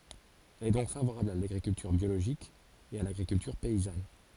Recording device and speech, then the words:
forehead accelerometer, read sentence
Elle est donc favorable à l'agriculture biologique et à l'agriculture paysanne.

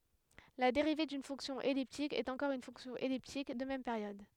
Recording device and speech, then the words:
headset microphone, read sentence
La dérivée d'une fonction elliptique est encore une fonction elliptique, de même période.

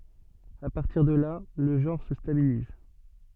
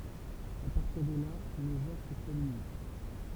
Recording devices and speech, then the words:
soft in-ear microphone, temple vibration pickup, read sentence
À partir de là, le genre se stabilise.

